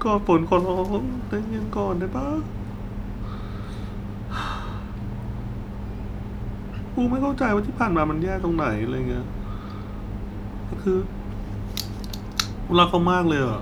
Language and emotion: Thai, sad